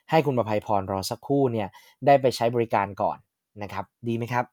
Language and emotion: Thai, neutral